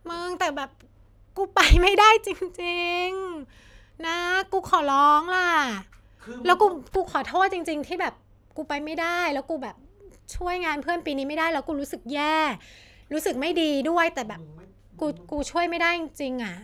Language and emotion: Thai, frustrated